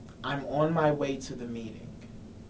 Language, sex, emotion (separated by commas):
English, male, neutral